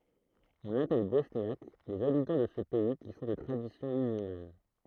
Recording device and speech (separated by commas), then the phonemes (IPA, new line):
throat microphone, read sentence
ɔ̃n apɛl bɔsnjak lez abitɑ̃ də sə pɛi ki sɔ̃ də tʁadisjɔ̃ myzylman